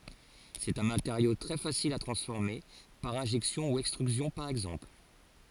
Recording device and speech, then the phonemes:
forehead accelerometer, read sentence
sɛt œ̃ mateʁjo tʁɛ fasil a tʁɑ̃sfɔʁme paʁ ɛ̃ʒɛksjɔ̃ u ɛkstʁyzjɔ̃ paʁ ɛɡzɑ̃pl

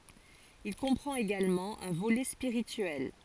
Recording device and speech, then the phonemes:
forehead accelerometer, read sentence
il kɔ̃pʁɑ̃t eɡalmɑ̃ œ̃ volɛ spiʁityɛl

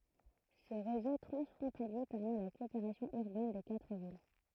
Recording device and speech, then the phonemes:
throat microphone, read sentence
sə ʁezo tʁɑ̃sfʁɔ̃talje pɛʁmɛ la kɔopeʁasjɔ̃ yʁbɛn de katʁ vil

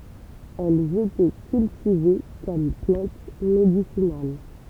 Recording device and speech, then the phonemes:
temple vibration pickup, read sentence
ɛlz etɛ kyltive kɔm plɑ̃t medisinal

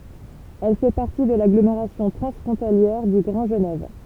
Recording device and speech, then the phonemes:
temple vibration pickup, read sentence
ɛl fɛ paʁti də laɡlomeʁasjɔ̃ tʁɑ̃sfʁɔ̃taljɛʁ dy ɡʁɑ̃ ʒənɛv

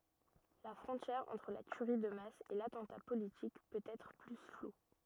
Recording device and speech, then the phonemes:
rigid in-ear microphone, read sentence
la fʁɔ̃tjɛʁ ɑ̃tʁ la tyʁi də mas e latɑ̃ta politik pøt ɛtʁ ply flu

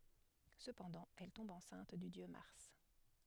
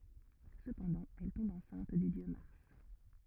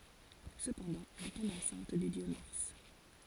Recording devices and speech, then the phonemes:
headset microphone, rigid in-ear microphone, forehead accelerometer, read sentence
səpɑ̃dɑ̃ ɛl tɔ̃b ɑ̃sɛ̃t dy djø maʁs

